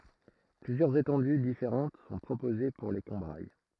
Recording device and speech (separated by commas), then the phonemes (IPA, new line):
throat microphone, read sentence
plyzjœʁz etɑ̃dy difeʁɑ̃t sɔ̃ pʁopoze puʁ le kɔ̃bʁaj